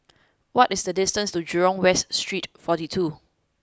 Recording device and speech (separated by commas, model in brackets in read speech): close-talking microphone (WH20), read sentence